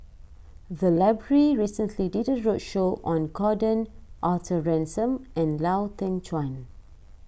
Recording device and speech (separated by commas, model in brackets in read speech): boundary microphone (BM630), read sentence